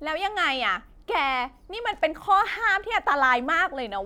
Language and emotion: Thai, angry